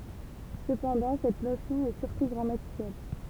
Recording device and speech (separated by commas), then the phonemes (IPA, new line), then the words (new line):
temple vibration pickup, read sentence
səpɑ̃dɑ̃ sɛt nosjɔ̃ ɛ syʁtu ɡʁamatikal
Cependant, cette notion est surtout grammaticale.